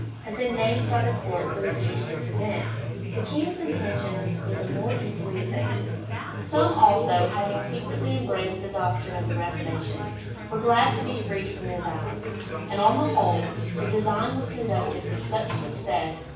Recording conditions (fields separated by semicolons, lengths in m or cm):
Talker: one person; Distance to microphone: 9.8 m; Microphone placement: far; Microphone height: 1.8 m; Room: large; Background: babble